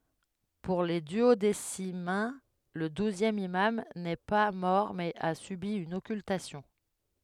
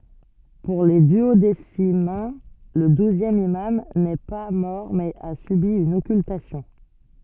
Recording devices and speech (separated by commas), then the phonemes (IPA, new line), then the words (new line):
headset microphone, soft in-ear microphone, read sentence
puʁ le dyodesimɛ̃ lə duzjɛm imam nɛ pa mɔʁ mɛz a sybi yn ɔkyltasjɔ̃
Pour les duodécimains, le douzième imam n'est pas mort mais a subi une occultation.